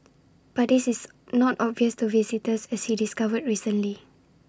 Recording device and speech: standing microphone (AKG C214), read sentence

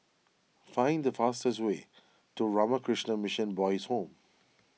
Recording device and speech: mobile phone (iPhone 6), read sentence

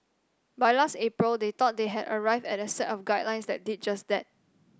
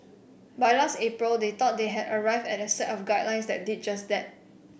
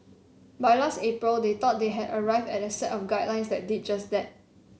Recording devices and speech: standing microphone (AKG C214), boundary microphone (BM630), mobile phone (Samsung C7), read sentence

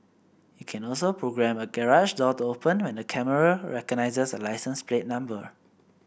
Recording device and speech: boundary microphone (BM630), read sentence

